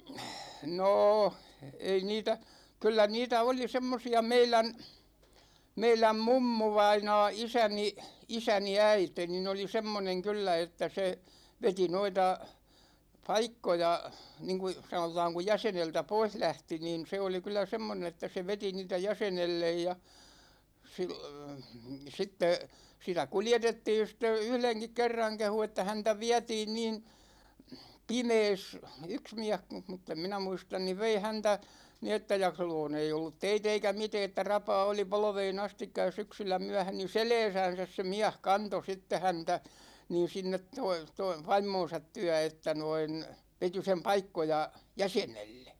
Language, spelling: Finnish, no ei niitä kyllä niitä oli semmoisia meidän meidän mummuvainaa isäni isäni äiti niin oli semmoinen kyllä että se veti noita paikkoja niin kuin sanotaan kun jäseneltä pois lähti niin se oli kyllä semmoinen että se veti niitä jäsenelle ja - sitten sitä kuljetettiin sitten yhdenkin kerran kehui että häntä vietiin niin pimeässä yksi mies kun mutta en minä muista niin vei häntä niin että ja silloin ei ollut teitä eikä mitään että rapaa oli polveen asti ja syksyllä myöhä niin selässänsä se mies kantoi sitten häntä niin sinne toi toi vaimonsa tykö että noin veti sen paikkoja jäsenelle
- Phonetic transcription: 'nô , ei 'niitä , 'kyllä 'niitä 'oli "semmosi₍a 'meilän , 'meiläm "mummuvainaa 'isäni , 'isäni "äite nin ‿oli "semmoneŋ 'kyllä että se , 'veti 'noita , "paikkoja , 'niŋku , 'sanotaaŋ ku 'jäseneltä "pois 'lähti niin̬ se oli kyl̆lä 'semmonen ‿että se 'veti 'niitä "jäsenellej ja , 'sil- , 'sitte , 'sitä "kuljetettiin̬ sitte "yhleŋkik 'kerraŋ kehu että 'häntä "viätiin niin , "pimees , 'yks miäh (ku) , mutt ‿em 'minä "muistan niv 'vei 'häntä , ni että ja 'sil̆lo̳o̳§n ‿ei ollut "teit ‿eikä 'mitee ‿ttä "rapaa oli 'polᵒvee'n ‿astikka ja 'syksyllä myɛ#hä ni , "selɛɛsänsäs se "miäh 'kanto 'sitte 'häntä , niin̬ 'sinnet toi , toi 'vaim̆moon̬sat tyä että noin , 'veti sem "paikkoja , "jäsenelle .

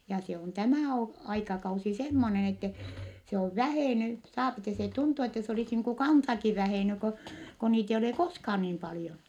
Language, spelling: Finnish, ja se on tämä - aikakausi semmoinen että se on vähennyt saa että se tuntui että se olisi niin kuin kansakin vähennyt kun kun niitä ei ole koskaan niin paljon
- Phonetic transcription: ja se on , tämä̀ o- , aikakausi semmonen ‿ettɛ , se ov vähèny , saapi ettɛ se tuntu ettɛ se olis niiŋ ku kansaki vähèny ko , ko niit ‿eij ‿ole koskhaan niim palⁱjon .

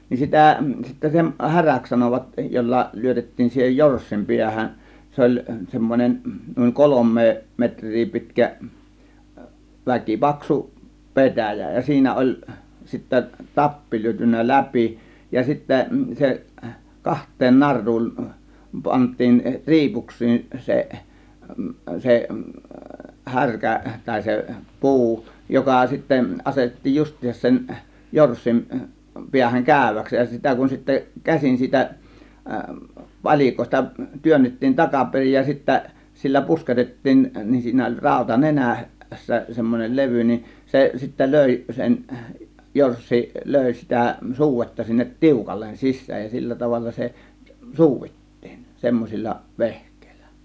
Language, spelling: Finnish, niin sitä sitten sen häräksi sanoivat jolla lyötettiin siihen jorssin päähän se oli semmoinen noin kolme metriä pitkä väkipaksu petäjä ja siinä oli sitten tappi lyöty läpi ja sitten se kahteen naruun panttiin riipuksiin se se härkä tai se puu joka sitten asetettiin justiinsa sen jorssin päähän käyväksi ja sitä kun sitten käsin siitä palikoista työnnettiin takaperin ja sitten sillä pusketettiin niin siinä oli rauta - nenässä semmoinen levy niin se sitten löi sen jorssi löi sitä suudetta sinne tiukalle sisään ja sillä tavalla se suudittiin semmoisilla vehkeillä
- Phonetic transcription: nin 'sitä̀ , sittä sen "häräks 'sanovat , 'jolla 'lyötettiin siihej 'jorssim 'piähän , 'se oĺ , 'semmon͕en , nuiŋ "kolom̆mee 'metŕ̆rii 'pitkä , 'väkipaksu , "pe̬tä̀jä , ja 'siinä oĺ , sittä "tappi lyötynnä "läpi , ja sittä 'se , "kaht̆teen 'nar̆ruun , 'pant̆tiin "ri̬ipuks̆siin 'se , 'se , "härkä tàė se "pu̬u , 'joka sittä 'asetettiij 'just̆tiisăs sen , 'jorssin , 'piähäŋ "kä̀ö̇väks ja 'sitä kun sittä , "käsin 'siitä , "pal͕ìkòėsta , 'työnnettiin 'takaperij ja sittä , 'sillä "pusketettiin , nin 'siinä oĺ 'ràȯta "nenä̀- , -ssä semmonel "levy nin , 'se sittä "lö̀i sen , "jorssi , "lö̀i sitä 'suuvetta sinnet "tiukallen 'sis̆sääj ja 'sillä 'tavalla se , "suuvittIIN , 'semmosil͕l͕a , "vehk̆kÈILLÄ .

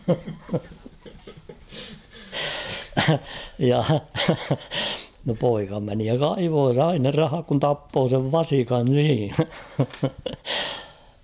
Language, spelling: Finnish, ja no poika meni ja kaivoi sai ne rahat kun tappoi sen vasikan niin
- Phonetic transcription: ja , no 'poika meni ja 'kaivoo 'sai ne 'rahak kun "tappoo sev "vasikan 'nii .

